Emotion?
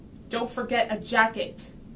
angry